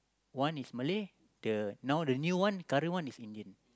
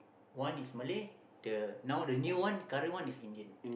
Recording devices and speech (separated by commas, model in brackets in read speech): close-talking microphone, boundary microphone, conversation in the same room